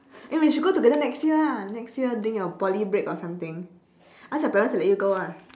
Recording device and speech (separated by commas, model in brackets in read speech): standing microphone, conversation in separate rooms